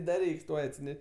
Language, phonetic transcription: Lithuanian, da ˈreiks ˈtuoj atsiˈneš'

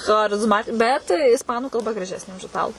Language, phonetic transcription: Lithuanian, charizˈmat ˈbet isˈpanu kalˈba graˈžesnė už iˈtalu

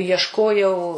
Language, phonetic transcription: Lithuanian, iešˈkojau

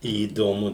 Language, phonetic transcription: Lithuanian, įdoˈmu

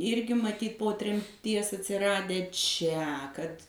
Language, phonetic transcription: Lithuanian, ˈirgi maˈtyt po tremˈties atsiˈradę ˈčia kad

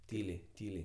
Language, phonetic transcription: Lithuanian, ˈtyliai ˈtyliai

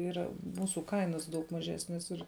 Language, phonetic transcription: Lithuanian, ˈyra ˈmūsu ˈkainas daug maˈžesnes ir

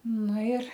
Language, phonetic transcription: Lithuanian, ˈnu ir

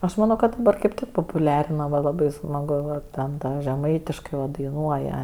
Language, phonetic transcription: Lithuanian, aš maˈno kad daˈbar kaip ˈtik popuˈliarina va laˈbai smaˈgu va ˈten ˈta žeˈmaitiškai va daiˈnuoja

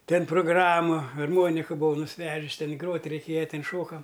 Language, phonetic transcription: Lithuanian, ˈten progˈramu arˈmonika buˈvau nusˈvežis ˈten ˈgrot' reiˈkėja ˈten ˈšokam

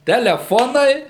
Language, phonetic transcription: Lithuanian, teleˈfonai

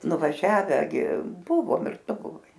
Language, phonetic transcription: Lithuanian, nuvaˈžiave gi ˈbuvom ir ˈtu buˈvai

